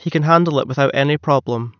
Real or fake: real